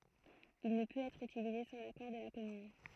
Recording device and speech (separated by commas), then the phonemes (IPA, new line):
throat microphone, read sentence
il nə pøt ɛtʁ ytilize sɑ̃ lakɔʁ də la kɔmyn